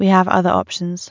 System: none